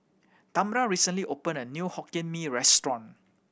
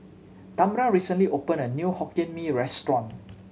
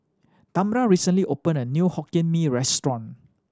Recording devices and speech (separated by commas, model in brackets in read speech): boundary microphone (BM630), mobile phone (Samsung C7100), standing microphone (AKG C214), read sentence